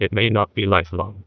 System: TTS, neural waveform model